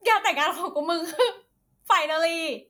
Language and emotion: Thai, happy